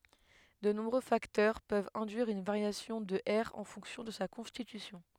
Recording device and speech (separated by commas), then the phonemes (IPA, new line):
headset microphone, read sentence
də nɔ̃bʁø faktœʁ pøvt ɛ̃dyiʁ yn vaʁjasjɔ̃ də ɛʁ ɑ̃ fɔ̃ksjɔ̃ də sa kɔ̃stitysjɔ̃